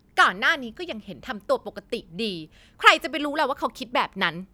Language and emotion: Thai, angry